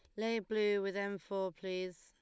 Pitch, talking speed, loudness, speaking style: 200 Hz, 200 wpm, -37 LUFS, Lombard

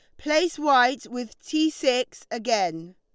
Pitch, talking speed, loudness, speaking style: 255 Hz, 130 wpm, -24 LUFS, Lombard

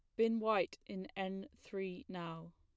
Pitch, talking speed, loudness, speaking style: 190 Hz, 155 wpm, -40 LUFS, plain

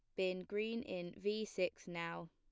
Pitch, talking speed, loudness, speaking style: 185 Hz, 170 wpm, -42 LUFS, plain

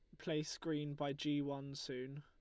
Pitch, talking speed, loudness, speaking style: 145 Hz, 180 wpm, -43 LUFS, Lombard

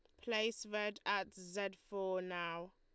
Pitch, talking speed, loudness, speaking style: 195 Hz, 140 wpm, -41 LUFS, Lombard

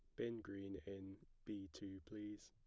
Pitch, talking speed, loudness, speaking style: 100 Hz, 160 wpm, -51 LUFS, plain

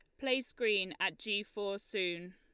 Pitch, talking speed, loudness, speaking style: 205 Hz, 170 wpm, -35 LUFS, Lombard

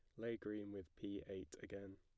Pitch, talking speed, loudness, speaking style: 100 Hz, 200 wpm, -50 LUFS, plain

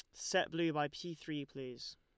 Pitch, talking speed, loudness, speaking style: 135 Hz, 200 wpm, -39 LUFS, Lombard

